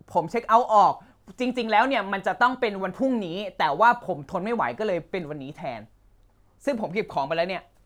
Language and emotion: Thai, angry